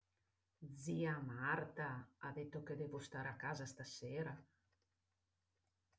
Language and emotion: Italian, surprised